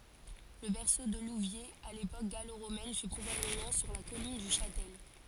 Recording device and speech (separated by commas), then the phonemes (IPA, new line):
forehead accelerometer, read sentence
lə bɛʁso də luvjez a lepok ɡaloʁomɛn fy pʁobabləmɑ̃ syʁ la kɔlin dy ʃatɛl